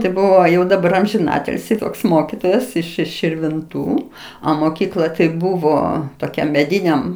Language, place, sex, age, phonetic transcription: Lithuanian, Aukštaitija, female, 60+, tai ˈbuvo ˈjau daˈbar amžiˈnatilsį ˈtoks ˈmokitojas iš iš širvinˈtų a moˈkykla tai ˈbuvo toˈkiam meˈdyniam

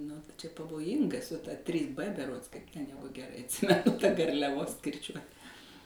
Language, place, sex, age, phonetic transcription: Lithuanian, Suvalkija, female, 60+, nu tai čia pavoˈjinga su ta trys b beˈrods kaip ten ˈjegu geˈrai atˈsimenu ta garliaˈvos kirˈčiuot

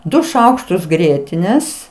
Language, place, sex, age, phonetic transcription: Lithuanian, Aukštaitija, female, 60+, ˈdu ˈšaukštus ˈgrietinės

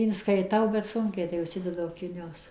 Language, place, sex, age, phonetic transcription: Lithuanian, Suvalkija, female, 60+, inskaiˈtau bet ˈsunkiai tai užˈsidedu akiˈnius

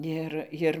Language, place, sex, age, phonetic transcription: Lithuanian, Dzūkija, female, 60+, ˈir ˈjir

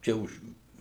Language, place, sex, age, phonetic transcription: Lithuanian, Suvalkija, male, 60+, ˈčia už

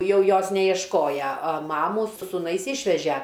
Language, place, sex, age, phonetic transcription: Lithuanian, Aukštaitija, female, 60+, ˈjau ˈjos nejiešˈkoja a ˈmamų su suˈnais ˈišvežæ

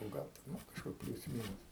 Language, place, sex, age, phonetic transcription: Lithuanian, Aukštaitija, male, 60+, nu ˈgal ten ˈnu kažˈkur ˈpliūs ˈmynus

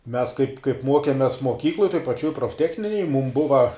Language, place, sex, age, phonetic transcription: Lithuanian, Žemaitija, male, 18-60, mes kaip kaip ˈmokemes moˈkykloj toj paˈčioj profˈtechninej mūm ˈbuva

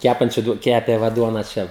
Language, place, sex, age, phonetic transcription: Lithuanian, Žemaitija, male, 18-60, ˈkæpančiu ˈkepė ˈva ˈduona ˈčia

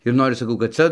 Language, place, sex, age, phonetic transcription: Lithuanian, Dzūkija, male, 60+, ir ˈnoris saˈkau kad ˈcia

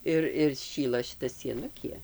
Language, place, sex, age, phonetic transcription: Lithuanian, Dzūkija, female, 60+, ˈir ir ˈšyla šiˈta sieˈnukie

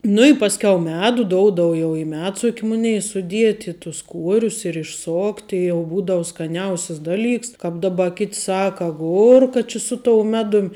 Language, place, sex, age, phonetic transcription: Lithuanian, Žemaitija, female, 18-60, ˈnu i ˈpasˌkiau ˈmedu ˈdoudav jau i ˈmedsuk' ˈmunei suˈdieti tus ˈkuorius ir išˈsokti jau ˈbūdavu skaˈniausias ˈdaˌlyks ˈkāp ˈdaˌba kit' ˈsaka aˈgurka či su tou ˈmedum

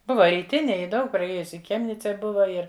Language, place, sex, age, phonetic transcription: Lithuanian, Žemaitija, female, 60+, ˈbuva ryˈtinėj ˈji ˈdaug praˈėjusi i ˈchemnice ˈbuva ˈir

